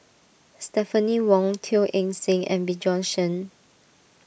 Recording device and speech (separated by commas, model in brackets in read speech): boundary microphone (BM630), read sentence